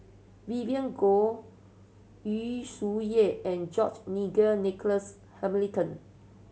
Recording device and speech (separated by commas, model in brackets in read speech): mobile phone (Samsung C7100), read sentence